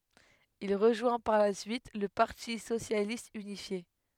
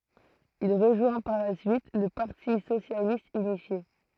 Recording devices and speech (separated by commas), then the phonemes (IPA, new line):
headset microphone, throat microphone, read sentence
il ʁəʒwɛ̃ paʁ la syit lə paʁti sosjalist ynifje